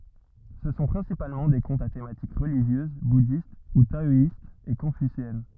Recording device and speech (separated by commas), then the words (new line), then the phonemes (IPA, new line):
rigid in-ear microphone, read sentence
Ce sont principalement des contes à thématique religieuse, bouddhiste ou taoïste, et confucéenne.
sə sɔ̃ pʁɛ̃sipalmɑ̃ de kɔ̃tz a tematik ʁəliʒjøz budist u taɔist e kɔ̃fyseɛn